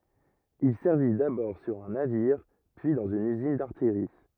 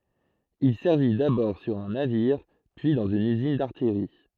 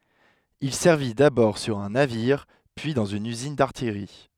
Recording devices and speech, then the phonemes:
rigid in-ear microphone, throat microphone, headset microphone, read sentence
il sɛʁvi dabɔʁ syʁ œ̃ naviʁ pyi dɑ̃z yn yzin daʁtijʁi

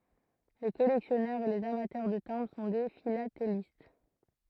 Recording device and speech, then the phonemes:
throat microphone, read sentence
le kɔlɛksjɔnœʁz e lez amatœʁ də tɛ̃bʁ sɔ̃ de filatelist

